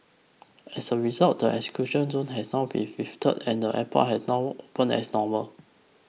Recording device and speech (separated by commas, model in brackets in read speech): mobile phone (iPhone 6), read sentence